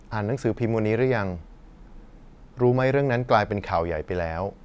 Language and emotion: Thai, neutral